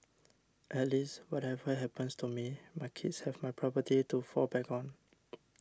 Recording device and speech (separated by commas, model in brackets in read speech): standing microphone (AKG C214), read sentence